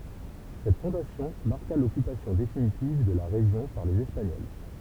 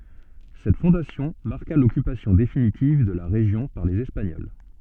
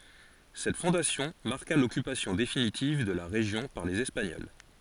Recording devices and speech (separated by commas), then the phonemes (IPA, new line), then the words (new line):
temple vibration pickup, soft in-ear microphone, forehead accelerometer, read sentence
sɛt fɔ̃dasjɔ̃ maʁka lɔkypasjɔ̃ definitiv də la ʁeʒjɔ̃ paʁ lez ɛspaɲɔl
Cette fondation marqua l'occupation définitive de la région par les Espagnols.